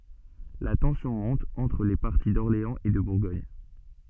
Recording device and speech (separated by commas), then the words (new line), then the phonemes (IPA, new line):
soft in-ear microphone, read sentence
La tension monte entre les partis d'Orléans et de Bourgogne.
la tɑ̃sjɔ̃ mɔ̃t ɑ̃tʁ le paʁti dɔʁleɑ̃z e də buʁɡɔɲ